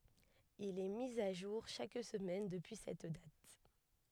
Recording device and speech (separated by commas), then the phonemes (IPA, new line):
headset microphone, read sentence
il ɛ mi a ʒuʁ ʃak səmɛn dəpyi sɛt dat